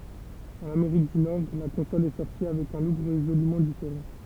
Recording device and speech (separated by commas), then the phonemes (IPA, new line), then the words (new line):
temple vibration pickup, read sentence
ɑ̃n ameʁik dy nɔʁ la kɔ̃sɔl ɛ sɔʁti avɛk œ̃ luk ʁezolymɑ̃ difeʁɑ̃
En Amérique du Nord, la console est sortie avec un look résolument différent.